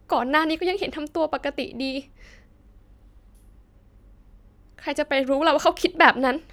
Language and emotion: Thai, sad